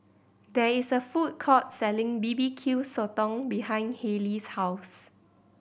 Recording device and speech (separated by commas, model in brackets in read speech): boundary microphone (BM630), read sentence